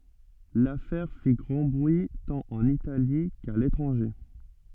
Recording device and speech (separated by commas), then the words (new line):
soft in-ear microphone, read sentence
L'affaire fit grand bruit tant en Italie qu'à l'étranger.